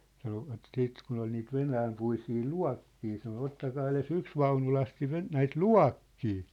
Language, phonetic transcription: Finnish, sanovat 'siit kun ‿ol niit "venäämpuisii "lua̭kkii sano » 'ottakaa ele"s ‿yks vaunulasti ve- , 'näit "lua̭kkii ! «
- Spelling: sanoivat sitten kun oli niitä venäjänpuisia luokkeja sanoi ottakaa edes yksi vaunulasti - näitä luokkeja

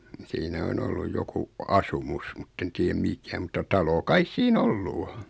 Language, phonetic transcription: Finnish, 'siinä on olluj 'joku , "asumus mutten tii₍äm 'mikä mutta 'talo 'kais sii"n ‿ollu 'o .
- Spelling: siinä on ollut joku asumus mutta en tiedä mikä mutta talo kai siinä ollut on

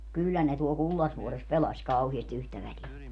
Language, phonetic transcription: Finnish, 'kyllä ne tuol "Kullasvuores 'pelaś 'kauhiesti 'yhtä välie .
- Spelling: kyllä ne tuolla Kullasvuoressa pelasi kauheasti yhtä väliä

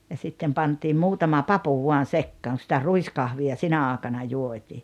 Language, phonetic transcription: Finnish, ja 'sittem 'pantim 'muutama "papu vuan̬ "sekkaaŋ ku sⁱtä "ruiskahvi₍a 'sinä aaᵉkana 'juot́ii .
- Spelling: ja sitten pantiin muutama papu vain sekaan kun sitä ruiskahvia sinä aikana juotiin

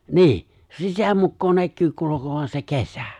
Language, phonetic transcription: Finnish, ni̬i̬ʰ , 'se "sitä 'mukkoo 'näkkyy 'kulu̬kovan se "kesä .
- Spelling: niin se sitä mukaa näkyy kulkevan se kesä

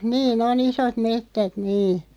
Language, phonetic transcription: Finnish, 'niin ‿o"n ‿isot 'mettät 'nii .
- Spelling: niin on isot metsät niin

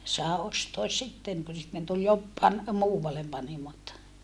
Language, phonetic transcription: Finnish, sàe ostoas sitteŋ ku sitten tul (jop pan-) , muuvallem panimot .
- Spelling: sai ostaa sitten kun sitten tuli - - muualle panimot

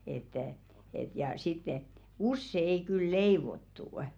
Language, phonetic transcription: Finnish, että , et ja 'sitt ‿et̬ , "usse ei kyl 'leivottu' .
- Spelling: että että ja sitten että usein ei kyllä leivottu

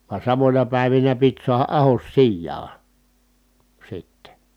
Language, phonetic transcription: Finnish, va samońa pä̀i̮vinä pit suaha ʼahos sijjaa , sitte .
- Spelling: vaan samoina päivinä piti saada ahdos sijaan sitten

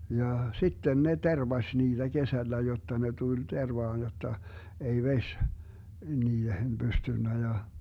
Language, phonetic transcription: Finnish, 'ja "sitten 'ne "tervaś 'niiDä 'kesällä 'jotta 'ne 'tul 'tervaan jotta , ei 'veś , 'niihen 'Bystynnä ja ,.
- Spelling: ja sitten ne tervasi niitä kesällä jotta ne tuli tervaan jotta ei vesi niihin pystynyt ja

